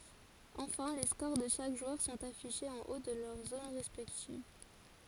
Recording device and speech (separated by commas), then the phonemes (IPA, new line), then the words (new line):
forehead accelerometer, read sentence
ɑ̃fɛ̃ le skoʁ də ʃak ʒwœʁ sɔ̃t afiʃez ɑ̃ o də lœʁ zon ʁɛspɛktiv
Enfin, les scores de chaque joueur sont affichés en haut de leur zone respective.